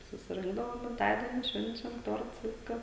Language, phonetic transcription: Lithuanian, susiˈrinkdavom gimˈtadieni ˈšvenčiam ˈtorts ˈviska

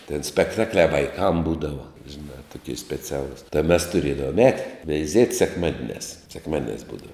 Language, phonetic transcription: Lithuanian, tin spekˈtakliā vaiˈkam ˈbūdava žiˈnā tuˈkie speˈcialus tai mes tuˈrėdavom ˈēti veiˈziet' sekˈmadiniās sekˈmadiniās ˈbūdava

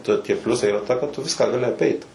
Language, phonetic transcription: Lithuanian, ta tie ˈpliusai yˈra ta kad ˈtu ˈviską gaˈli aˈpeit

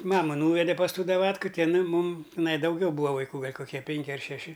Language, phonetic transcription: Lithuanian, ˈmama ˈnūvede pas ˈtų daˈvatku ˈti iˈnai ˈmum tiˈnai dauˈgiau ˈbūa vaiˈkų ˈgal' koˈkie ˈpenki ar šeˈši

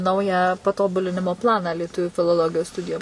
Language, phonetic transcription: Lithuanian, ˈnaują paˈtobulinimo ˈplaną lieˈtuvių filoˈlogijos ˈstudijom

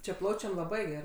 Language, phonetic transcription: Lithuanian, čia ˈplaučiam laˈbai geˈrai

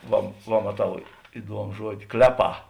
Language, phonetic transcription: Lithuanian, ˈva va maˈtau iˈduomu ˈžuodi ˈkleˌpā

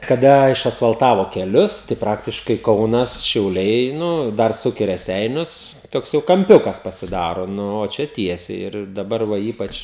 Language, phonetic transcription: Lithuanian, kaˈda išasfalˈtavo keˈlius tai ˈpraktiškai ˈkaunas šiauˈliai ˈnu ˈdar ˈsuk i reˈseinius ˈtoks jau kamˈpiukas pasiˈdaro ˈnu o ˈčia ˈtiesiai ir daˈbar ˈva ˈypač

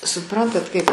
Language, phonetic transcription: Lithuanian, suˈprantat kaip

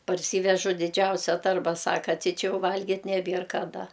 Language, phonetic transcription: Lithuanian, parˈsyvežu diˈdžiausia ˈtarba ˈsaka ˈti ˈčia ˈjau ˈvalgit neˈbier kaˈda

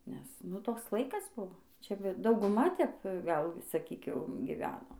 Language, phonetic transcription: Lithuanian, nes ˈnu ˈtoks ˈlaikas ˈbuvoˈ ˈčia ˈbe dauguˈma tep ˈgal saˈkyk ˈjau giˈveno

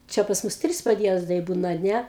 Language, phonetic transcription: Lithuanian, ˈčia pas ˈmus ˈtris padˈjiezdai ˈbūna a ˈne

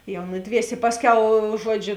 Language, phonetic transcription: Lithuanian, jau ˈnuˌdviesė ˈpasˌkiau ˈžuoˌdžiu

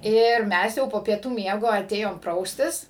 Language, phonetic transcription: Lithuanian, ˈir ˈmes jau po pieˈtų ˈmiego aˈtėjom ˈpraustis

